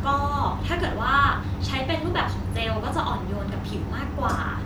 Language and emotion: Thai, neutral